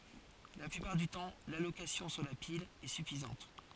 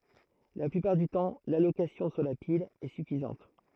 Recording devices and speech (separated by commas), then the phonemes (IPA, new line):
forehead accelerometer, throat microphone, read sentence
la plypaʁ dy tɑ̃ lalokasjɔ̃ syʁ la pil ɛ syfizɑ̃t